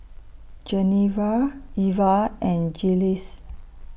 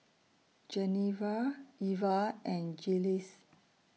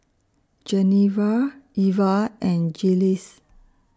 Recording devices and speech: boundary microphone (BM630), mobile phone (iPhone 6), standing microphone (AKG C214), read sentence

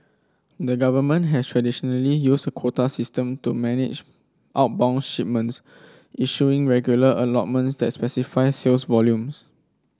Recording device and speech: standing microphone (AKG C214), read sentence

